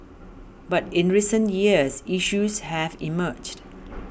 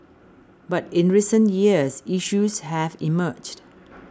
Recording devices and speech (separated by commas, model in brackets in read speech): boundary microphone (BM630), standing microphone (AKG C214), read sentence